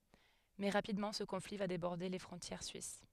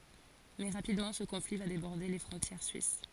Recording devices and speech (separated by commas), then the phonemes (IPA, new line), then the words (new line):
headset microphone, forehead accelerometer, read sentence
mɛ ʁapidmɑ̃ sə kɔ̃fli va debɔʁde le fʁɔ̃tjɛʁ syis
Mais, rapidement, ce conflit va déborder les frontières suisses.